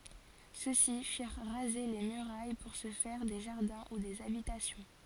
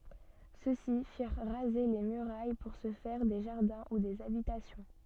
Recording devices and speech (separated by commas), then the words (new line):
forehead accelerometer, soft in-ear microphone, read sentence
Ceux-ci firent raser les murailles pour se faire des jardins ou des habitations.